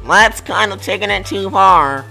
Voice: nerdy voice